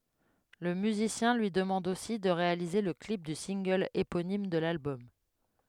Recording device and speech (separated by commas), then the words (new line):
headset microphone, read sentence
Le musicien lui demande aussi de réaliser le clip du single éponyme de l'album.